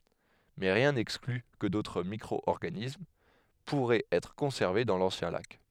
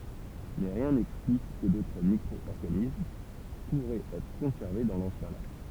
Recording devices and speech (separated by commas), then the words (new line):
headset microphone, temple vibration pickup, read sentence
Mais rien n'exclut que d'autres microorganismes pourraient être conservés dans l'ancien lac.